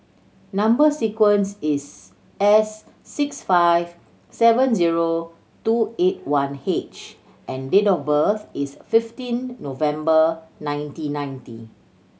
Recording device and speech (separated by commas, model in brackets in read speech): mobile phone (Samsung C7100), read sentence